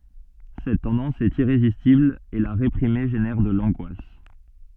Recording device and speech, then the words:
soft in-ear microphone, read sentence
Cette tendance est irrésistible et la réprimer génère de l'angoisse.

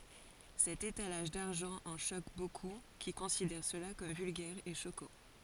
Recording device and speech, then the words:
forehead accelerometer, read sentence
Cet étalage d'argent en choque beaucoup, qui considèrent cela comme vulgaire et choquant.

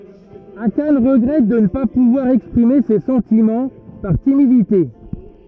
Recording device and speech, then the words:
rigid in-ear microphone, read sentence
Akane regrette de ne pas pouvoir exprimer ses sentiments, par timidité.

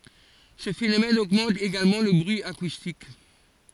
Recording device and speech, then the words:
forehead accelerometer, read sentence
Ce phénomène augmente également le bruit acoustique.

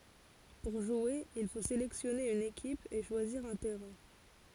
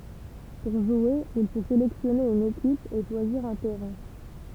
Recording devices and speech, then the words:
forehead accelerometer, temple vibration pickup, read sentence
Pour jouer, il faut sélectionner une équipe, et choisir un terrain.

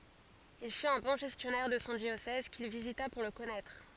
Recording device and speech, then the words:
forehead accelerometer, read sentence
Il fut un bon gestionnaire de son diocèse, qu'il visita pour le connaître.

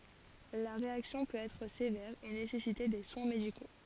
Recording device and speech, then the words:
forehead accelerometer, read sentence
La réaction peut être sévère et nécessiter des soins médicaux.

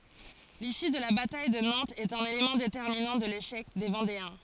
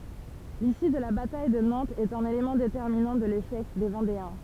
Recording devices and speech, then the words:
forehead accelerometer, temple vibration pickup, read sentence
L'issue de la bataille de Nantes est un élément déterminant de l'échec des Vendéens.

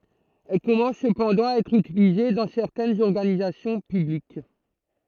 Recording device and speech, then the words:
throat microphone, read sentence
Elle commence cependant à être utilisée dans certaines organisations publiques.

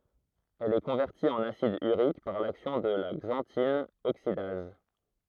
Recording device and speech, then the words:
throat microphone, read sentence
Elle est convertie en acide urique par l'action de la xanthine oxydase.

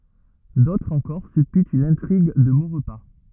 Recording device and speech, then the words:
rigid in-ear microphone, read sentence
D’autres encore supputent une intrigue de Maurepas.

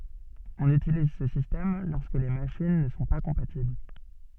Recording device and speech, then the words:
soft in-ear microphone, read sentence
On utilise ce système lorsque les machines ne sont pas compatibles.

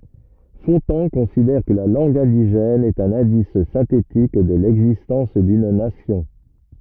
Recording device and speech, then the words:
rigid in-ear microphone, read sentence
Fontan considère que la langue indigène est un indice synthétique de l'existence d'une nation.

